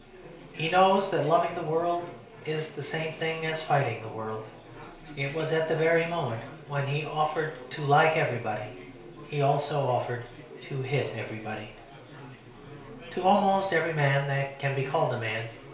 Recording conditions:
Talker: one person; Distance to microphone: 1.0 m; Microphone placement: close; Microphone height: 1.1 m; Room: small (3.7 m by 2.7 m); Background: babble

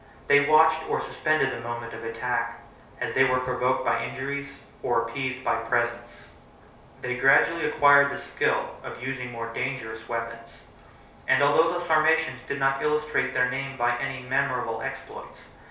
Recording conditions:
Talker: one person; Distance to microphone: 3.0 m; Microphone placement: far; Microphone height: 1.8 m; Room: small (3.7 m by 2.7 m); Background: none

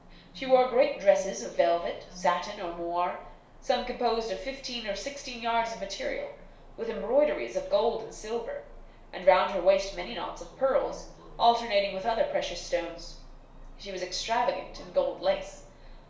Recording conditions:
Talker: one person; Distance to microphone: 1.0 m; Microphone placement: close; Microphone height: 1.1 m; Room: small (3.7 m by 2.7 m); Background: television

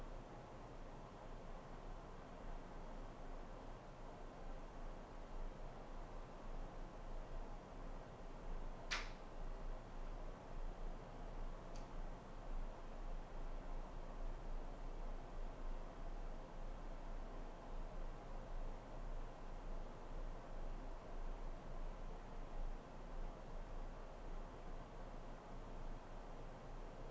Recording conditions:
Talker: no one; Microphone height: 1.1 m; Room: small (3.7 m by 2.7 m); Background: none

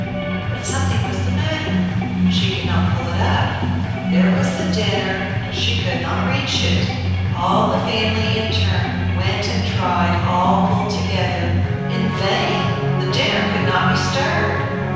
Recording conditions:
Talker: one person; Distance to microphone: 7.1 m; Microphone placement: far; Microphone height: 1.7 m; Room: very reverberant, large; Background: music

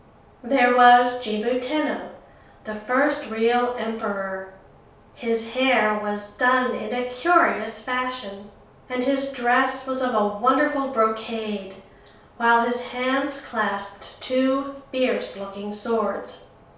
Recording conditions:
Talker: one person; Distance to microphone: 3.0 m; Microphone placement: far; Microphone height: 1.8 m; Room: small (3.7 m by 2.7 m); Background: none

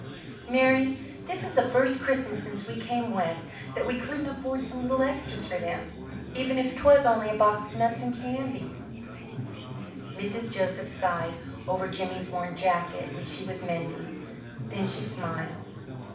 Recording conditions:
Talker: one person; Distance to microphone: 5.8 m; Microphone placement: far; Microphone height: 1.8 m; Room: medium-sized (5.7 m by 4.0 m); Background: babble

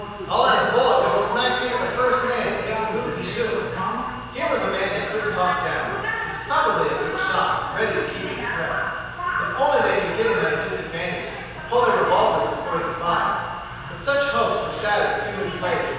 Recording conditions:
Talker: one person; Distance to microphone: 7.1 m; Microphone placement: far; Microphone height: 1.7 m; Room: very reverberant, large; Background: television

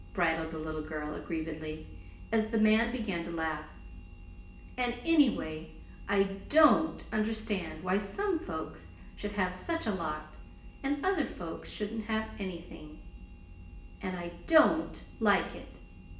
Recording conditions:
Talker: one person; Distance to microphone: 1.8 m; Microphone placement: close; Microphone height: 1.0 m; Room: large; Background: none

